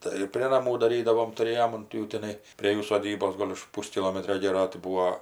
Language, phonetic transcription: Lithuanian, ˈtai ir prė naˈmų daˈrydavom tuˈrėjom unt ˈjų tiˈnai prė ˈjų soˈdybos ˈgol' už ˈpūskilometrio ˈgėro tai ˈbūo

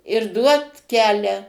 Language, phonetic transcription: Lithuanian, ir ˈduot ˈkelią

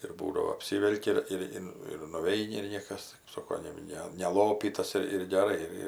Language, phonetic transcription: Lithuanian, ir ˈbūdavo apˈsyvelki ˈir ir ˈin ir nuˈveini ir ˈniekas kɜp ˈsoko jau ˈne neˈlopytas ir ir geˈrai ir ˈir

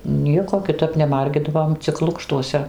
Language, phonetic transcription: Lithuanian, ˈnieko kiˈtap neˈmargidavom cik ˈlukštuose

